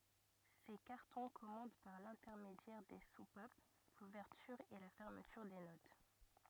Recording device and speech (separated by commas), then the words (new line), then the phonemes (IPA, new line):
rigid in-ear microphone, read sentence
Ces cartons commandent par l'intermédiaire des soupapes l'ouverture et la fermeture des notes.
se kaʁtɔ̃ kɔmɑ̃d paʁ lɛ̃tɛʁmedjɛʁ de supap luvɛʁtyʁ e la fɛʁmətyʁ de not